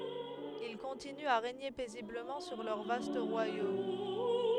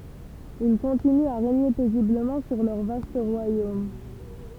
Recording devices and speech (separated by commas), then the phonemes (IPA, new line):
headset microphone, temple vibration pickup, read sentence
il kɔ̃tinyt a ʁeɲe pɛzibləmɑ̃ syʁ lœʁ vast ʁwajom